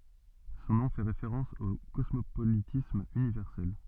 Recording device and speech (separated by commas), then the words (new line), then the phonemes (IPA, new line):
soft in-ear microphone, read sentence
Son nom fait référence au Cosmopolitisme Universel.
sɔ̃ nɔ̃ fɛ ʁefeʁɑ̃s o kɔsmopolitism ynivɛʁsɛl